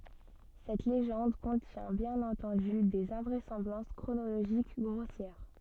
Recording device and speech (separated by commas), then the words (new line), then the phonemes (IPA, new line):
soft in-ear microphone, read sentence
Cette légende contient bien entendu des invraisemblances chronologiques grossières!
sɛt leʒɑ̃d kɔ̃tjɛ̃ bjɛ̃n ɑ̃tɑ̃dy dez ɛ̃vʁɛsɑ̃blɑ̃s kʁonoloʒik ɡʁosjɛʁ